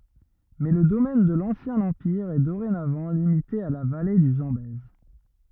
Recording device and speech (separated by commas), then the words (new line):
rigid in-ear microphone, read sentence
Mais le domaine de l’ancien empire est dorénavant limité à la vallée du Zambèze.